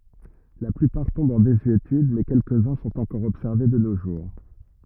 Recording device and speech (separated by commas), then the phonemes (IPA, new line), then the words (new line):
rigid in-ear microphone, read sentence
la plypaʁ tɔ̃bt ɑ̃ dezyetyd mɛ kɛlkəzœ̃ sɔ̃t ɑ̃kɔʁ ɔbsɛʁve də no ʒuʁ
La plupart tombent en désuétude mais quelques-uns sont encore observés de nos jours.